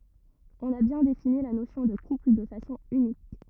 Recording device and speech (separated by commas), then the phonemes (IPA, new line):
rigid in-ear microphone, read sentence
ɔ̃n a bjɛ̃ defini la nosjɔ̃ də kupl də fasɔ̃ ynik